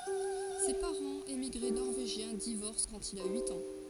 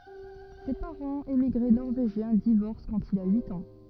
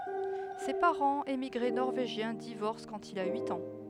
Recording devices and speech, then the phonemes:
forehead accelerometer, rigid in-ear microphone, headset microphone, read sentence
se paʁɑ̃z emiɡʁe nɔʁveʒjɛ̃ divɔʁs kɑ̃t il a yit ɑ̃

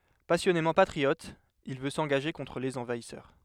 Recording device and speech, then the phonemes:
headset microphone, read sentence
pasjɔnemɑ̃ patʁiɔt il vø sɑ̃ɡaʒe kɔ̃tʁ lez ɑ̃vaisœʁ

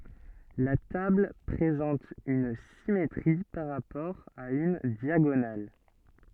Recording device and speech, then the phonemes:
soft in-ear microphone, read sentence
la tabl pʁezɑ̃t yn simetʁi paʁ ʁapɔʁ a yn djaɡonal

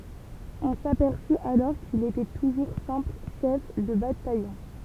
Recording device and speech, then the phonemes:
temple vibration pickup, read sentence
ɔ̃ sapɛʁsy alɔʁ kil etɛ tuʒuʁ sɛ̃pl ʃɛf də batajɔ̃

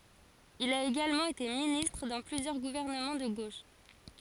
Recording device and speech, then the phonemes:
forehead accelerometer, read sentence
il a eɡalmɑ̃ ete ministʁ dɑ̃ plyzjœʁ ɡuvɛʁnəmɑ̃ də ɡoʃ

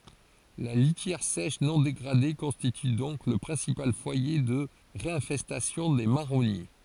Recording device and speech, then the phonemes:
forehead accelerometer, read sentence
la litjɛʁ sɛʃ nɔ̃ deɡʁade kɔ̃stity dɔ̃k lə pʁɛ̃sipal fwaje də ʁeɛ̃fɛstasjɔ̃ de maʁɔnje

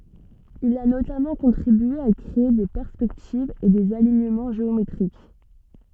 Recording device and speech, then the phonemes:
soft in-ear microphone, read sentence
il a notamɑ̃ kɔ̃tʁibye a kʁee de pɛʁspɛktivz e dez aliɲəmɑ̃ ʒeometʁik

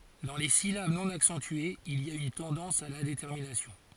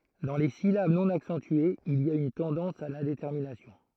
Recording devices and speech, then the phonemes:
forehead accelerometer, throat microphone, read sentence
dɑ̃ le silab nɔ̃ aksɑ̃tyez il i a yn tɑ̃dɑ̃s a lɛ̃detɛʁminasjɔ̃

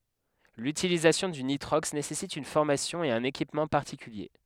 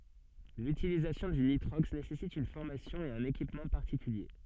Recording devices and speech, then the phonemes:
headset microphone, soft in-ear microphone, read sentence
lytilizasjɔ̃ dy nitʁɔks nesɛsit yn fɔʁmasjɔ̃ e œ̃n ekipmɑ̃ paʁtikylje

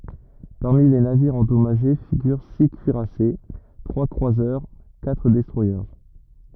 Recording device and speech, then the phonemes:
rigid in-ear microphone, read sentence
paʁmi le naviʁz ɑ̃dɔmaʒe fiɡyʁ si kyiʁase tʁwa kʁwazœʁ katʁ dɛstʁwaje

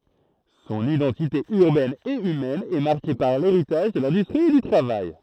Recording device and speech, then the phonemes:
throat microphone, read sentence
sɔ̃n idɑ̃tite yʁbɛn e ymɛn ɛ maʁke paʁ leʁitaʒ də lɛ̃dystʁi e dy tʁavaj

